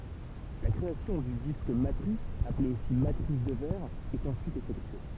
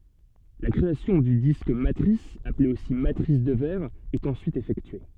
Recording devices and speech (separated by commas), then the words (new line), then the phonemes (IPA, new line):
temple vibration pickup, soft in-ear microphone, read sentence
La création du disque matrice, appelé aussi matrice de verre, est ensuite effectuée.
la kʁeasjɔ̃ dy disk matʁis aple osi matʁis də vɛʁ ɛt ɑ̃syit efɛktye